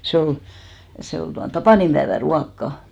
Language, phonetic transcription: Finnish, 'se ol , 'se ol tuan "tapànimʙäevä 'ruakka .
- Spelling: se oli se oli tuon tapaninpäivän ruokaa

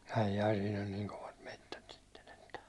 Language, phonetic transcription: Finnish, ai'jai siin ‿on 'niiŋ kovat 'mettät sɪttᴇɴ ᴇttᴀ .
- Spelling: ai ai siinä on niin kovat metsät sitten että

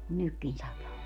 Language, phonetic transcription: Finnish, kun "nykkin 'sataa .
- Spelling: kun nytkin sataa

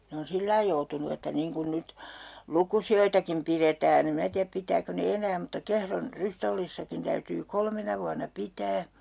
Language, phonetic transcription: Finnish, 'ne on 'sillai joutunu että 'niiŋ kun 'nyt , "lukusi₍oitakim piretään ‿em 'minä tiäp 'pit̀ääko ne "enää mutta 'Kehron , 'Rystollissakin täytyy 'kolmena vuanna "pitää .
- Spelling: ne on sillä lailla joutunut että niin kuin nyt lukusiakin pidetään en minä tiedä pitääkö ne enää mutta Kehron Rystollissakin täytyy kolmena vuonna pitää

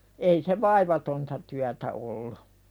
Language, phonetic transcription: Finnish, ei se "vaivatonta tyätä ’ollu .
- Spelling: ei se vaivatonta työtä ollut

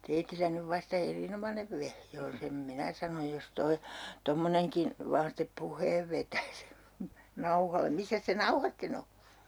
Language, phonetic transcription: Finnish, 'teitillä nyv 'vasta "erinomanev vehje on 'sem "minä sanoj jos 'toi , 'tommoneŋkin̬ , vaan step "puh̀eev vetäs , 'nauhale 'missäs se "nauha sten ‿o ?
- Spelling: teillä nyt vasta erinomainen vehje on sen minä sanon jos tuo tuommoinenkin vain sitten puheen vetäisi nauhalle missä se nauha sitten on

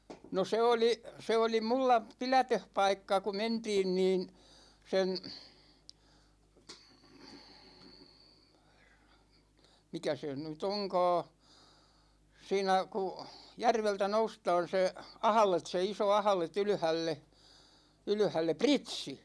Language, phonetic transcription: Finnish, no 'se oli , 'se oli 'mulla , "pilätöhpaikka ku 'mentiin niin , 'sen , 'mikä se ny"t ‿oŋka̬a̬ , 'siinä ku , 'järveltä "noustaan̬ se , "ahᵃlet se 'iso "ahᵃlet 'ylʸhälle , 'ylʸhälle "Pritsi !
- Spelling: no se oli se oli minulla pidätöspaikka kun mentiin niin sen mikä se nyt onkaan siinä kun järveltä noustaan se ahde se iso ahde ylhäälle ylhäälle Pritsi

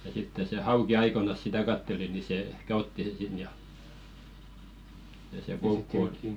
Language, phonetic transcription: Finnish, ja sitte se "hauki 'aikonas sitä 'katteli ni 'se ᵉhkä "otti se 'sin ja , ja se "koukku 'ottɪ .
- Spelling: ja sitten se hauki aikoinaan sitä katseli niin se ehkä otti sen sinne ja ja se koukku otti

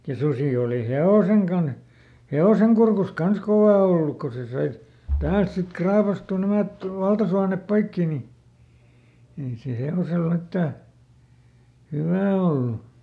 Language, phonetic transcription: Finnish, ja ˈsusì òli "he₍òseŋ kanh , ˈhe₍oseŋ kurkus ˈkans ˈkovà olluk ko ˈse ˈsai , ˈtäält sik "kraapastù ˈnämät , ˈvaltasuanep ˈpoikki ni , ei se ˈhe₍osel ˈmittä , "hywä̀ ollu .
- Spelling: ja susi oli hevosen kanssa hevosen kurkussa kanssa kova ollut kun se sai täältä sitten raapaistua nämä valtasuonet poikki niin ei se hevoselle mitään hyvää ollut

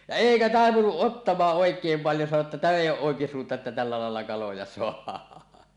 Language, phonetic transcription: Finnish, ja "èikä 'taepunuˀ "ˀottamaaˀ 'ˀòek̀eem paljo sano ‿tta » täm ‿èij ‿o̳ˀ 'ˀòekisuunta että tällä làella 'kaloja "soah̀aa « .
- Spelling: ja eikä taipunut ottamaan oikein paljon sanoi jotta tämä ei ole oikisuunta että tällä lailla kaloja saadaan

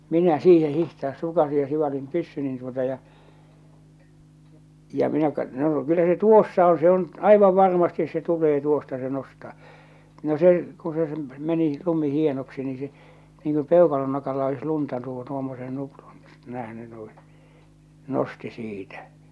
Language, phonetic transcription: Finnish, 'minä 'siihe 'hihtaas 'sukasij ja 'sivalim 'pyssynin tuota ja , ja , minä kat- , noo kyllä se 'tuossa oo̰ se ‿on , 'aivav 'varmastis se tul̀ee "tuosta se 'nostaa , no se , ku se ˢᵉm , meni , lumi 'hienoksi ni se , niiŋ ku 'pèokalon nokalla olis 'lunta tuu- tuommosen 'nuprun , nähny nuiḭ , 'nosti 'siitä .
- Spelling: minä siihen hiihtää sukasin ja sivalsin pyssyni tuota ja ja minä - no kyllä se tuossa on se on aivan varmasti se tulee tuosta se nostaa no se kun se se meni lumi hienoksi niin se niin kuin peukalon nokalla olisi lunta - tuommoisen nuprun nähnyt niin nosti siitä

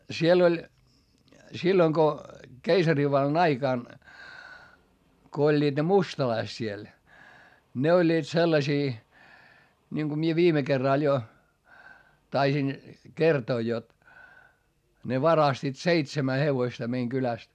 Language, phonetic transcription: Finnish, siel ‿oĺ , silloŋ ko , keisarivallan ‿aikàn , ko oĺĺiiD ne mustalaist siel , ne oĺĺiit sellasii , ńiŋku mie viime kerràl jo , taisin , kertoo jot , ne varastiit seitsemä hevoⁱsta meiŋ kyläst .
- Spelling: siellä oli silloin kun keisarivallan aikana kun olivat ne mustalaiset siellä ne olivat sellaisia niin kun minä viime kerralla jo taisin kertoa jotta ne varastivat seitsemän hevosta meidän kylästä

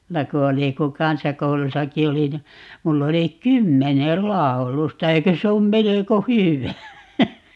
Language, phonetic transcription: Finnish, ('mulla) ku 'oli ku "kansakoulusaki 'olin ni , 'mull ‿oli "kymmenel "làu̬lusta - 'eikö se om 'meleko "hyvä ?
- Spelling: minulla kun oli kun kansakoulussakin olin niin minulla oli kymmenen laulusta eikö se ole melko hyvä

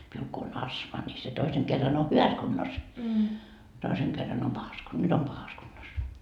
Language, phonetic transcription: Finnish, miul ko on "asma ńi se 'toiseŋ kerran o "hyväs kunnos , 'toiseŋ kerran om 'pahas ku- , "nyt ‿om "pahas kunnos .
- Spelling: minulla kun on astma niin se toisen kerran on hyvässä kunnossa toisen kerran on pahassa - nyt on pahassa kunnossa

